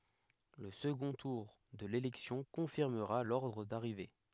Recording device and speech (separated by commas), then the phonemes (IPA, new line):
headset microphone, read sentence
lə səɡɔ̃ tuʁ də lelɛksjɔ̃ kɔ̃fiʁməʁa lɔʁdʁ daʁive